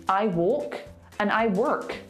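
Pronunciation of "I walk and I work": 'I walk and I work' is said in an American accent, and 'walk' and 'work' sound very different.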